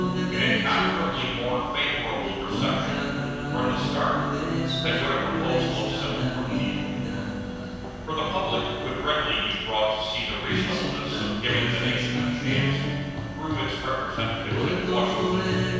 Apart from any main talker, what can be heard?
Music.